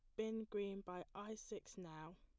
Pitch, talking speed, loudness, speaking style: 200 Hz, 180 wpm, -49 LUFS, plain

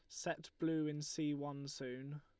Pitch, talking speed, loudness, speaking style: 145 Hz, 180 wpm, -43 LUFS, Lombard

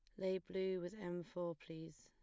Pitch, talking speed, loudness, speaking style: 175 Hz, 200 wpm, -45 LUFS, plain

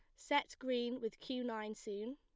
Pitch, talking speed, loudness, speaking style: 240 Hz, 185 wpm, -41 LUFS, plain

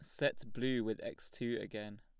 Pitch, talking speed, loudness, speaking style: 115 Hz, 200 wpm, -39 LUFS, plain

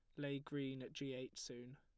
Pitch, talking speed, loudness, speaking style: 135 Hz, 230 wpm, -48 LUFS, plain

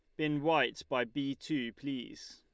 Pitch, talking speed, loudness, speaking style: 140 Hz, 170 wpm, -34 LUFS, Lombard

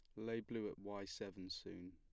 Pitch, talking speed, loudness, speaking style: 100 Hz, 210 wpm, -48 LUFS, plain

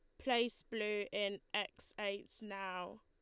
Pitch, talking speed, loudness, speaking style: 200 Hz, 130 wpm, -40 LUFS, Lombard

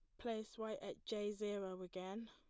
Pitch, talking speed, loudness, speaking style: 210 Hz, 170 wpm, -46 LUFS, plain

